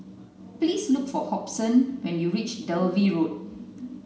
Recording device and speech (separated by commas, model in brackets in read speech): mobile phone (Samsung C9), read sentence